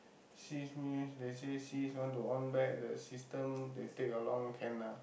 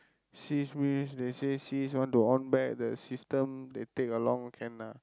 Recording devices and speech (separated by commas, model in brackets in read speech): boundary microphone, close-talking microphone, conversation in the same room